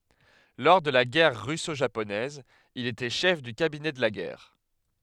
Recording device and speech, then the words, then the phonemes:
headset microphone, read sentence
Lors de la Guerre russo-japonaise, il était chef du cabinet de la guerre.
lɔʁ də la ɡɛʁ ʁysoʒaponɛz il etɛ ʃɛf dy kabinɛ də la ɡɛʁ

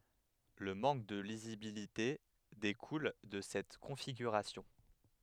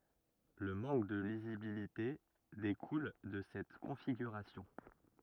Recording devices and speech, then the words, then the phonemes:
headset microphone, rigid in-ear microphone, read sentence
Le manque de lisibilité découle de cette configuration.
lə mɑ̃k də lizibilite dekul də sɛt kɔ̃fiɡyʁasjɔ̃

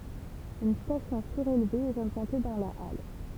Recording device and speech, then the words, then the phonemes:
temple vibration pickup, read sentence
Une station surélevée est implantée dans la halle.
yn stasjɔ̃ syʁelve ɛt ɛ̃plɑ̃te dɑ̃ la al

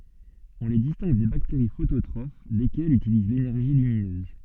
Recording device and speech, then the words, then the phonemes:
soft in-ear microphone, read sentence
On les distingue des bactéries phototrophes, lesquelles utilisent l'énergie lumineuse.
ɔ̃ le distɛ̃ɡ de bakteʁi fototʁof lekɛlz ytiliz lenɛʁʒi lyminøz

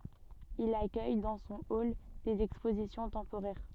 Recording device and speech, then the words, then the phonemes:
soft in-ear microphone, read sentence
Il accueille dans son hall des expositions temporaires.
il akœj dɑ̃ sɔ̃ ɔl dez ɛkspozisjɔ̃ tɑ̃poʁɛʁ

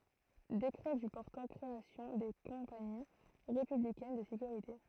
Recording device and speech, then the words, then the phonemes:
throat microphone, read sentence
Décret du portant création des Compagnies républicaines de sécurité.
dekʁɛ dy pɔʁtɑ̃ kʁeasjɔ̃ de kɔ̃pani ʁepyblikɛn də sekyʁite

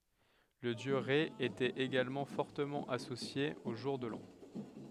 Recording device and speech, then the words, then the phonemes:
headset microphone, read sentence
Le dieu Rê était également fortement associé au jour de l'an.
lə djø ʁɛ etɛt eɡalmɑ̃ fɔʁtəmɑ̃ asosje o ʒuʁ də lɑ̃

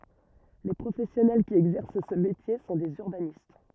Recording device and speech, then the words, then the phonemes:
rigid in-ear microphone, read sentence
Les professionnels qui exercent ce métier sont des urbanistes.
le pʁofɛsjɔnɛl ki ɛɡzɛʁs sə metje sɔ̃ dez yʁbanist

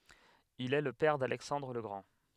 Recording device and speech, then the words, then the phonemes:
headset microphone, read sentence
Il est le père d'Alexandre le Grand.
il ɛ lə pɛʁ dalɛksɑ̃dʁ lə ɡʁɑ̃

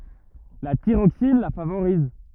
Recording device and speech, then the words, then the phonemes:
rigid in-ear microphone, read sentence
La thyroxine la favorise.
la tiʁoksin la favoʁiz

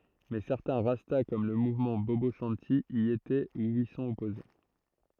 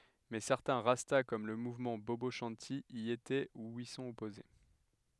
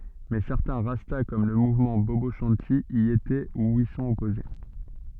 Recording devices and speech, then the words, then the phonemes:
throat microphone, headset microphone, soft in-ear microphone, read sentence
Mais certains Rastas, comme le mouvement Bobo Shanti, y étaient ou y sont opposés.
mɛ sɛʁtɛ̃ ʁasta kɔm lə muvmɑ̃ bobo ʃɑ̃ti i etɛ u i sɔ̃t ɔpoze

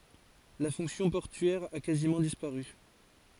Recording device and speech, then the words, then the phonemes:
forehead accelerometer, read sentence
La fonction portuaire a quasiment disparu.
la fɔ̃ksjɔ̃ pɔʁtyɛʁ a kazimɑ̃ dispaʁy

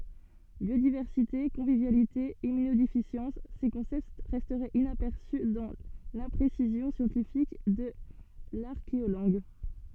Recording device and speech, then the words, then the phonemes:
soft in-ear microphone, read sentence
Biodiversité, convivialité, immunodéficience, ces concepts restaient inaperçus dans l'imprécision scientifique de l'archéolangue.
bjodivɛʁsite kɔ̃vivjalite immynodefisjɑ̃s se kɔ̃sɛpt ʁɛstɛt inapɛʁsy dɑ̃ lɛ̃pʁesizjɔ̃ sjɑ̃tifik də laʁkeolɑ̃ɡ

